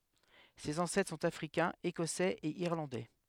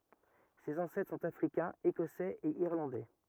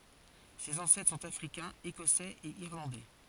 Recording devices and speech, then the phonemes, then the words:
headset microphone, rigid in-ear microphone, forehead accelerometer, read sentence
sez ɑ̃sɛtʁ sɔ̃t afʁikɛ̃z ekɔsɛz e iʁlɑ̃dɛ
Ses ancêtres sont africains, écossais et irlandais.

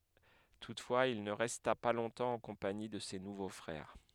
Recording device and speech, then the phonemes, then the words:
headset microphone, read sentence
tutfwaz il nə ʁɛsta pa lɔ̃tɑ̃ ɑ̃ kɔ̃pani də se nuvo fʁɛʁ
Toutefois il ne resta pas longtemps en compagnie de ses nouveaux frères.

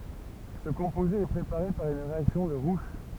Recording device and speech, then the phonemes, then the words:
temple vibration pickup, read sentence
sə kɔ̃poze ɛ pʁepaʁe paʁ yn ʁeaksjɔ̃ də ʁuʃ
Ce composé est préparé par une réaction de Roush.

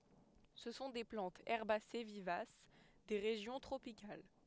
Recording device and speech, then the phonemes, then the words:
headset microphone, read sentence
sə sɔ̃ de plɑ̃tz ɛʁbase vivas de ʁeʒjɔ̃ tʁopikal
Ce sont des plantes herbacées vivaces des régions tropicales.

